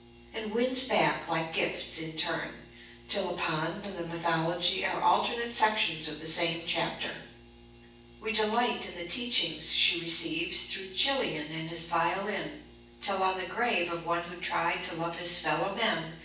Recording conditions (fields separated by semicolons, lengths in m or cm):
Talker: one person; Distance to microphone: 9.8 m; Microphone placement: far; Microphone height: 1.8 m; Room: large; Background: none